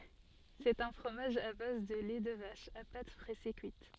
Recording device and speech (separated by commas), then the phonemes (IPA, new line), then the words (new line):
soft in-ear microphone, read sentence
sɛt œ̃ fʁomaʒ a baz də lɛ də vaʃ a pat pʁɛse kyit
C'est un fromage à base de lait de vache, à pâte pressée cuite.